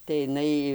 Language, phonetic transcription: Lithuanian, tai iˈnai

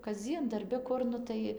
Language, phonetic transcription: Lithuanian, kasˈdzien darˈbi ˈkur ˈnu tai

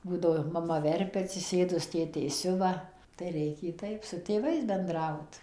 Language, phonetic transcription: Lithuanian, ˈbūdavo maˈma ˈverpia atsiˈsėdus ˈtėtė ˈsiuva tai ˈreikė ˈtaip su tėˈvais benˈdraut

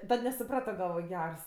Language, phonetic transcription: Lithuanian, ˈtad nesuˈprato galˈvoj ˈgers

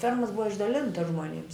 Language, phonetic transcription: Lithuanian, ˈfermos ˈbuva išdaˈlintas žmoˈnims

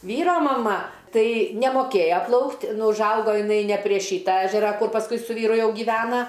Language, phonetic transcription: Lithuanian, ˈvyro maˈma ˈtai nemoˈkėja ˈplaukt' ˈnu užˈaugo jiˈnai ne prie ˈšyta ˈežera ˈkur pasˈkui su ˈvyru ˈjau gyˈvena

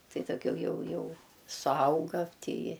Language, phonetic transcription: Lithuanian, ˈtai dauˈgiau ˈjau ˈjau suˈauga ˈtyi

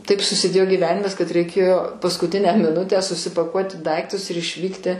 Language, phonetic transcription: Lithuanian, ˈtaip susiˈdėjo gyˈvenimas kad reiˈkėjo paskuˈtinę miˈnutę susipaˈkuoti ˈdaiktus ir išˈvykti

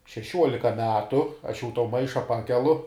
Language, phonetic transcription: Lithuanian, šeˈšiuolika ˈmetu aš jau to ˈmaiša ˈpakelu

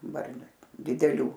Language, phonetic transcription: Lithuanian, ˈbarniu dideˈlių

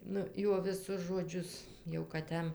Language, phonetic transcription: Lithuanian, ˈnu ˈjuo viˈsus žoˈdžius jau kad ˈjam

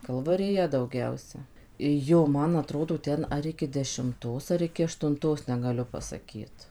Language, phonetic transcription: Lithuanian, kalvariˈja dauˈgiausia ˈjo ˈman aˈtrodo ˈten ar ˈiki dešimˈtos ar ˈiki aštunˈtos negaˈliu pasaˈkyt

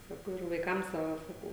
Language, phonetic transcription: Lithuanian, ˈsakau ir vaiˈkam ˈsava saˈkau

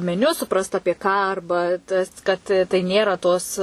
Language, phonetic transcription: Lithuanian, meˈniu suˈprast ˈapie ką ˈarba tas kad tai ˈnėra tos

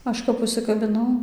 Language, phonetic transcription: Lithuanian, ˈaš kap užsikabiˈnau

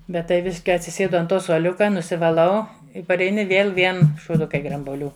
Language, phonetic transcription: Lithuanian, ˈbet tai ˈviš kai atsiˈsėdu ant ˈto suoˈliuka nusivaˈlau pareiˈni ˈvėl ˈvien šūˈdukai grambuoˈlių

